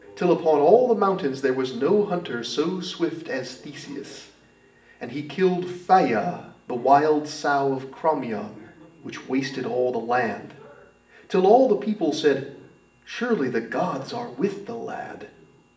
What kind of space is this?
A large space.